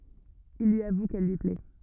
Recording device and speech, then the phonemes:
rigid in-ear microphone, read sentence
il lyi avu kɛl lyi plɛ

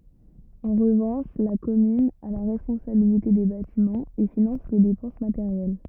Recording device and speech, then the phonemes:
rigid in-ear microphone, read sentence
ɑ̃ ʁəvɑ̃ʃ la kɔmyn a la ʁɛspɔ̃sabilite de batimɑ̃z e finɑ̃s le depɑ̃s mateʁjɛl

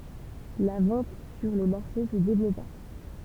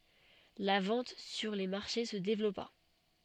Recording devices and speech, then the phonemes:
temple vibration pickup, soft in-ear microphone, read sentence
la vɑ̃t syʁ le maʁʃe sə devlɔpa

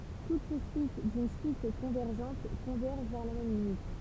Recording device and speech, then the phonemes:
temple vibration pickup, read sentence
tut su syit dyn syit kɔ̃vɛʁʒɑ̃t kɔ̃vɛʁʒ vɛʁ la mɛm limit

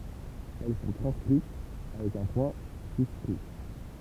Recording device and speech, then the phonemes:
temple vibration pickup, read sentence
ɛl sɔ̃ tʁɑ̃skʁit avɛk œ̃ pwɛ̃ syskʁi

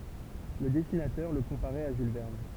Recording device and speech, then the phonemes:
temple vibration pickup, read sentence
lə dɛsinatœʁ lə kɔ̃paʁɛt a ʒyl vɛʁn

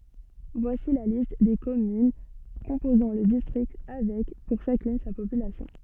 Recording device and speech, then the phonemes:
soft in-ear microphone, read sentence
vwasi la list de kɔmyn kɔ̃pozɑ̃ lə distʁikt avɛk puʁ ʃakyn sa popylasjɔ̃

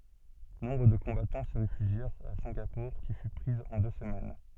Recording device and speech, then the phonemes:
soft in-ear microphone, read sentence
nɔ̃bʁ də kɔ̃batɑ̃ sə ʁefyʒjɛʁt a sɛ̃ɡapuʁ ki fy pʁiz ɑ̃ dø səmɛn

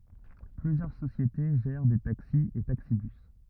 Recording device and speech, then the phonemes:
rigid in-ear microphone, read sentence
plyzjœʁ sosjete ʒɛʁ de taksi e taksibys

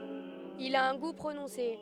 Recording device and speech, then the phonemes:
headset microphone, read sentence
il a œ̃ ɡu pʁonɔ̃se

